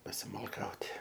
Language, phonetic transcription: Lithuanian, pasimalˈkaut'

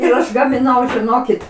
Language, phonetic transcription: Lithuanian, ir ˈaš gamiˈnau žiˈnokit

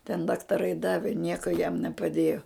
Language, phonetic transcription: Lithuanian, ten daktaˈrai ˈdavi ˈnieko jam nepaˈdėjo

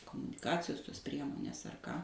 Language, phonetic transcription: Lithuanian, komuniˈkacijos tos ˈpriemonės ar ˈką

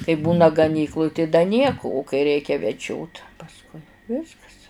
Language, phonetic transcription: Lithuanian, kai ˈbūna gaˈnykluj tai da ˈnieku u kai ˈreikia veˈdžiot pasˈkui ˈviskas

